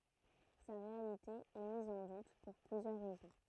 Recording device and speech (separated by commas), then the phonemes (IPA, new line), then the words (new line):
throat microphone, read sentence
sa ʁealite ɛ miz ɑ̃ dut puʁ plyzjœʁ ʁɛzɔ̃
Sa réalité est mise en doute pour plusieurs raisons.